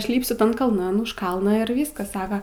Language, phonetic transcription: Lithuanian, ˈaš ˈlypsiu ˈtan kalˈnan už ˈkalną ir ˈvyskas ˈsaka

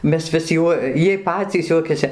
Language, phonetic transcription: Lithuanian, ˈmes vis ˈjuo ˈjiej ˈpacys ˈjuokiasi

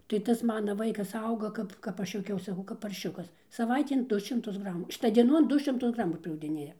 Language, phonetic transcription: Lithuanian, tai ˈtas ˈmana ˈvaikas ˈauga ˈkap kap ˈaš juoˈkiaus saˈkau kap parˈšiukas saˈvaitėn ˈdu šimˈtus ˈgramų ˈšita dieˈnon ˈdu šimˈtus ˈgramu priaugdiˈnėja

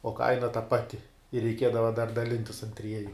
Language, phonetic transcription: Lithuanian, o ˈkaina ta ˈpati ir reiˈkiedava dar daˈlintis an ˈtrieju

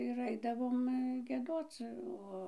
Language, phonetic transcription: Lithuanian, ir ˈaidavom gieˈdoc ˈo

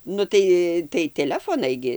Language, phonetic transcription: Lithuanian, ˈnu tai tai teˈlefonai ˈgi

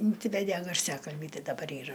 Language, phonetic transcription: Lithuanian, inˈsivedė garˈsiakalbį ˈtai daˈbar ˈyra

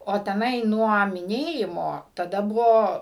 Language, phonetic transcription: Lithuanian, o teˈnai ˈnuo miˈnėjimo taˈda ˈbuvo

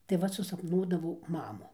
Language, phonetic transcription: Lithuanian, tai ˈvat susapˈnuodavau ˈmamų

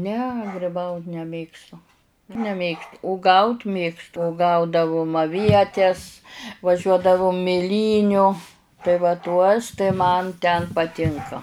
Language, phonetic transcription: Lithuanian, ne griˈbaut neˈmėgstu neˈmėgst uˈgaut ˈmėgstu uˈgaudavum aˈvietes vaˈžiuodavum miˈlyniu tai va ˈtuos tai ˈman ten paˈtinka

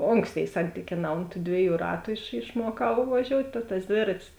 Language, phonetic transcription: Lithuanian, ˈonksˌtėi ˈsantykėˌnā ont tų ˈdvieˌjų ˈratu iš išˈmuokau vaˈžiout' ta tas ˈdvėratis

